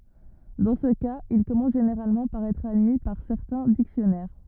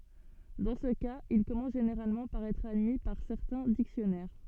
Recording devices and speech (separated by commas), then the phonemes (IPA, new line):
rigid in-ear microphone, soft in-ear microphone, read sentence
dɑ̃ sə kaz il kɔmɑ̃s ʒeneʁalmɑ̃ paʁ ɛtʁ admi paʁ sɛʁtɛ̃ diksjɔnɛʁ